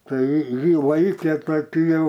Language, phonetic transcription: Lithuanian, ˈtai ˈjį ˈlaikė toˈkiu jau

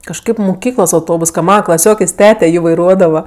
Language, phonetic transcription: Lithuanian, kažˈkaip muˈkyklos auˈtobus ka ˈmana klaˈsiokės' ˈtete ˈjį vaiˈruodava

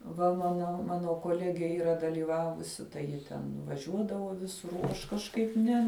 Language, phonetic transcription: Lithuanian, ˈva ˈmano ˈmano koˈlegė ˈyra dalyˈvavusi tai ˈji ten vaˈžiuodavo ˈvisur o ˈaš kažˈkaip ˈne

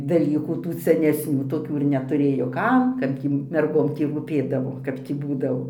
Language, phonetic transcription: Lithuanian, daˈlykų ˈtų senesˈnių toˈkių ir netuˈrėjo ˈkam ˈkad gį merˈgom ˈtį rūˈpėdavo ˈkap tį ˈbūdavo

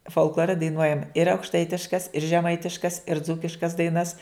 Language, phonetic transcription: Lithuanian, folkˈlore daiˈnuojam ir aukšˈtaitiškas ir žeˈmaitiškas ir ˈdzūkiškas daiˈnas

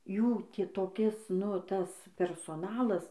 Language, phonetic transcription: Lithuanian, ˈjų ˈtį toˈkis nu ˈtas persoˈnalas

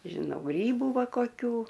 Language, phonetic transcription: Lithuanian, žiˈnau ˈgrybu ˈva koˈkių

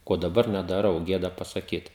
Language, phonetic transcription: Lithuanian, ˈko daˈbar nedaˈrau ˈgėda pasaˈkyt

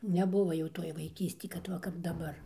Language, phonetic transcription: Lithuanian, neˈbuvo jau ˈtoj vaiˈkysti kad ˈva kap daˈbar

